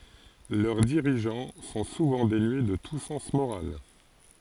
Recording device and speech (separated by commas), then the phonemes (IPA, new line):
forehead accelerometer, read sentence
lœʁ diʁiʒɑ̃ sɔ̃ suvɑ̃ denye də tu sɑ̃s moʁal